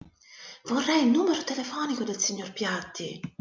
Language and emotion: Italian, surprised